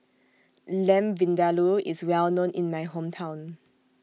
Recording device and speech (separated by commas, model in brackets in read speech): mobile phone (iPhone 6), read sentence